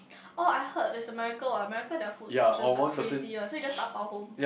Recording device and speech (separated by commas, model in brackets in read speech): boundary microphone, conversation in the same room